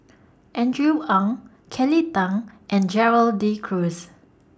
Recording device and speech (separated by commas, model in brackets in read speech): standing microphone (AKG C214), read sentence